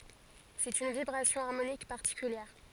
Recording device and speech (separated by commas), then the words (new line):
forehead accelerometer, read sentence
C'est une vibration harmonique particulière.